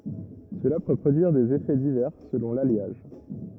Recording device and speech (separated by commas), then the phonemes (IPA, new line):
rigid in-ear microphone, read sentence
səla pø pʁodyiʁ dez efɛ divɛʁ səlɔ̃ laljaʒ